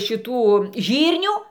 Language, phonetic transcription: Lithuanian, šiˈtų ˈžyrnių

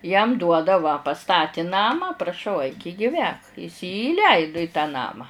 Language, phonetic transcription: Lithuanian, jam ˈduoda va paˈstati ˈnamą praˈšau aik i giˈvęk is jį įˈleidu i tą ˈnamą

